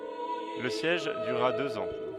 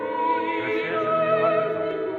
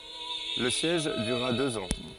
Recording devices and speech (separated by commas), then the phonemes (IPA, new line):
headset microphone, rigid in-ear microphone, forehead accelerometer, read sentence
lə sjɛʒ dyʁa døz ɑ̃